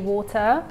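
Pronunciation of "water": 'Water' is said with a true T in the middle.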